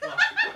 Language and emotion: Thai, happy